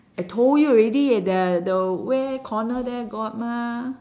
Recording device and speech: standing microphone, conversation in separate rooms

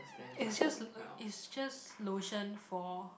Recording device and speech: boundary microphone, conversation in the same room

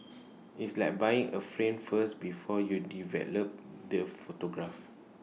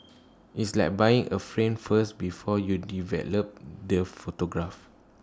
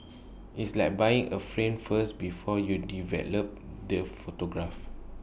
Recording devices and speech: mobile phone (iPhone 6), standing microphone (AKG C214), boundary microphone (BM630), read sentence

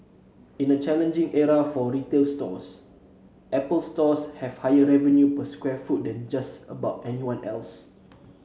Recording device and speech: mobile phone (Samsung C7), read sentence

